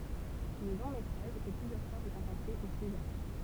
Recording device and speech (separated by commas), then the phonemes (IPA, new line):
temple vibration pickup, read sentence
lə lɔ̃ metʁaʒ ɛ plyzjœʁ fwa ʁekɔ̃pɑ̃se o sezaʁ